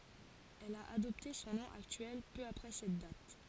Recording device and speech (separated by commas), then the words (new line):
forehead accelerometer, read sentence
Elle a adopté son nom actuel peu après cette date.